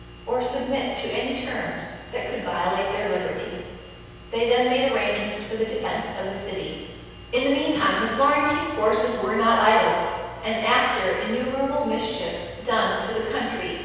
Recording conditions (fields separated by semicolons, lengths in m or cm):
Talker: one person; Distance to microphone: 7.1 m; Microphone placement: far; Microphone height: 1.7 m; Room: very reverberant, large; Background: none